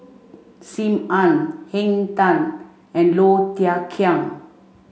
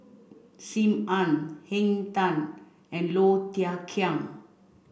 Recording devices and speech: mobile phone (Samsung C5), boundary microphone (BM630), read sentence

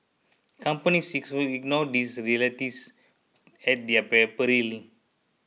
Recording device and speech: mobile phone (iPhone 6), read sentence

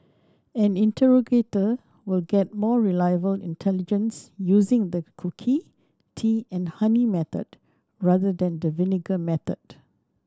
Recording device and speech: standing microphone (AKG C214), read sentence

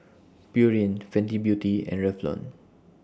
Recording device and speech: standing microphone (AKG C214), read sentence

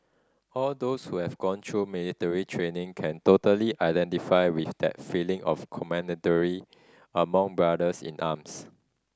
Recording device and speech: standing microphone (AKG C214), read sentence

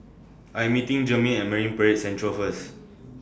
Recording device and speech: standing microphone (AKG C214), read sentence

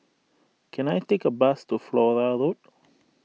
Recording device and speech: mobile phone (iPhone 6), read sentence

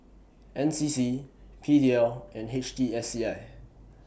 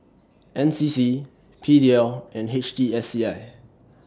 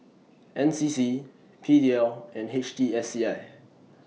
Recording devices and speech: boundary microphone (BM630), standing microphone (AKG C214), mobile phone (iPhone 6), read sentence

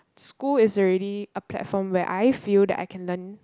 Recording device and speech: close-talking microphone, conversation in the same room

